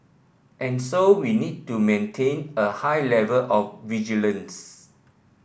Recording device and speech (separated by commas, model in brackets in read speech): boundary microphone (BM630), read sentence